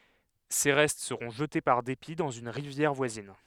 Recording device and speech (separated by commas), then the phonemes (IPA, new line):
headset microphone, read sentence
se ʁɛst səʁɔ̃ ʒəte paʁ depi dɑ̃z yn ʁivjɛʁ vwazin